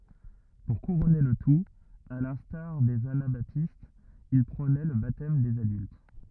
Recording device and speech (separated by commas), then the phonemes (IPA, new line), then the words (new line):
rigid in-ear microphone, read sentence
puʁ kuʁɔne lə tut a lɛ̃staʁ dez anabatistz il pʁonɛ lə batɛm dez adylt
Pour couronner le tout, à l'instar des anabaptistes, il prônait le baptême des adultes.